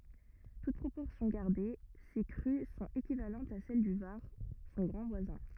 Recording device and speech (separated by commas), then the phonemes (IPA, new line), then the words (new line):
rigid in-ear microphone, read sentence
tut pʁopɔʁsjɔ̃ ɡaʁde se kʁy sɔ̃t ekivalɑ̃tz a sɛl dy vaʁ sɔ̃ ɡʁɑ̃ vwazɛ̃
Toutes proportions gardées, ces crues sont équivalentes à celles du Var, son grand voisin.